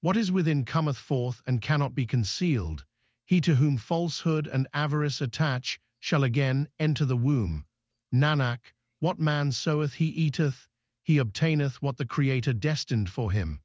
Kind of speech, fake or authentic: fake